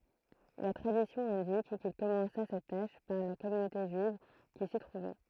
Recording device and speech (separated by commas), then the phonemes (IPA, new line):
throat microphone, read sentence
la tʁadisjɔ̃ ɛ̃dik kil kɔmɑ̃sa sɛt taʃ paʁ la kɔmynote ʒyiv ki si tʁuvɛ